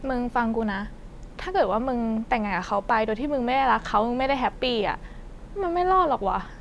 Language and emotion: Thai, frustrated